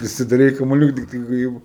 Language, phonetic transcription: Lithuanian, pasidaˈrei kamuˈliuka ˈtiktai ka ˈjeigu

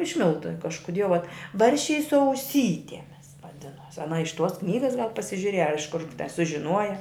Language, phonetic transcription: Lithuanian, iš ˈmiltu kažkuˈdie va ˈbarščiai su auˈsytemis vaˈdinuos aˈna iš tuos ˈknygas gal pasižiuˈrieja ar iš kur sužiˈnuoja

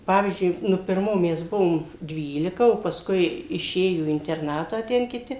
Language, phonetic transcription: Lithuanian, ˈpavyzdžiui ˈnu pirˈmo ˈmes ˈbuvom ˈdvylika o paˈskui iˈšėjo į interˈnatą ˈten kiˈti

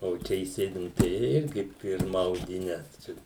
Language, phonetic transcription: Lithuanian, o ˈčia įˈsėdi ˈnu tai ˈirgi ˈpirma audiˈne ˈčia

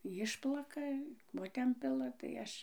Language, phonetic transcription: Lithuanian, ˈjišplaka ˈko ten ˈpila tai ˈaš

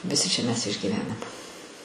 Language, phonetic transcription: Lithuanian, viˈsi čia mes išgyˈvenam

